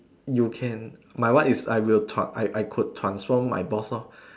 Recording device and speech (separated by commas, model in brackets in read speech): standing microphone, conversation in separate rooms